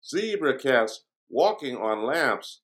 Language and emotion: English, happy